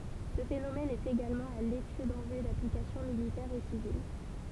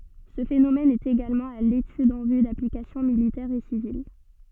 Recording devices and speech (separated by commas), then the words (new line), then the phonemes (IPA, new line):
temple vibration pickup, soft in-ear microphone, read sentence
Ce phénomène est également à l'étude en vue d'applications militaires et civiles.
sə fenomɛn ɛt eɡalmɑ̃ a letyd ɑ̃ vy daplikasjɔ̃ militɛʁz e sivil